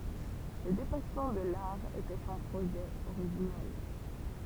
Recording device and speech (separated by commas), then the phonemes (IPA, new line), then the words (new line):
temple vibration pickup, read sentence
lə depasmɑ̃ də laʁ etɛ sɔ̃ pʁoʒɛ oʁiʒinɛl
Le dépassement de l'art était son projet originel.